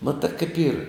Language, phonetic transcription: Lithuanian, ˈmatɘ kaip yr

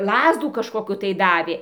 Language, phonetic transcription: Lithuanian, ˈlazdų kažkoˈkių tai ˈdavė

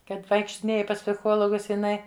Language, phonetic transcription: Lithuanian, ˈkad vaikštiˈnėji pas psiˈchologus jiˈnaiˈ

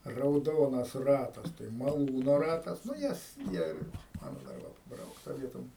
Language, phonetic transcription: Lithuanian, rauˈdonas ˈratas tai maˈlūno ˈratas nu ˈjas ˈjie ˈmano dar ˈva paˈbraukta ˈvietom

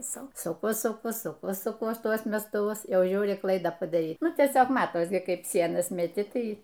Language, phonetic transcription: Lithuanian, ˈsu suˈku suˈku suˈku suˈkuos ˈtuos mestuˈvus ˈjau ˈžiūri ˈklaidą padaˈryk ˈnu tieˈsiog ˈmatos ˈkaip ˈsienas meˈti ˈtai

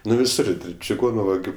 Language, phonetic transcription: Lithuanian, ˈnu viˈsur čiˈgonu vaˈgiu

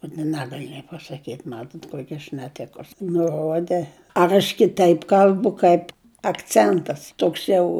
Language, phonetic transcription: Lithuanian, ut i ˈnegali nė pasaˈkyt' ˈmatot ˈkuoki aš neˈtikus nuˈrode ar aš kiˈtaip ˈkal'bu ˈkaip akˈcentas ˈtoks ˈjau

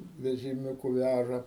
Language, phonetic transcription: Lithuanian, vežiˈmiūku ˈvæža

